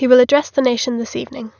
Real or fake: real